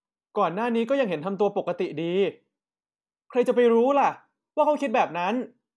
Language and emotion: Thai, frustrated